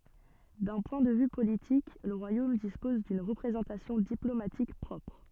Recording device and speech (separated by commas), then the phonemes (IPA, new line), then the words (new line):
soft in-ear microphone, read sentence
dœ̃ pwɛ̃ də vy politik lə ʁwajom dispɔz dyn ʁəpʁezɑ̃tasjɔ̃ diplomatik pʁɔpʁ
D'un point de vue politique, le royaume dispose d'une représentation diplomatique propre.